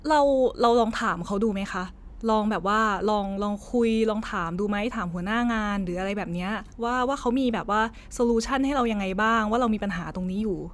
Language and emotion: Thai, neutral